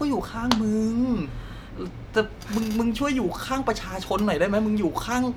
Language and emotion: Thai, frustrated